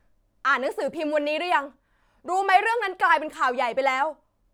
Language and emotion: Thai, angry